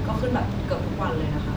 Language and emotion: Thai, neutral